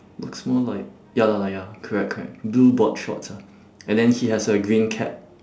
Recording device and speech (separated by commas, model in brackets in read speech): standing microphone, conversation in separate rooms